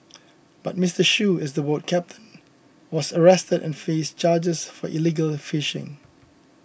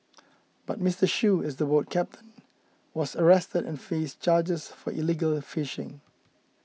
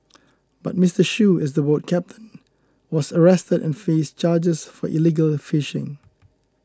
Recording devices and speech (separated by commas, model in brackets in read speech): boundary microphone (BM630), mobile phone (iPhone 6), close-talking microphone (WH20), read sentence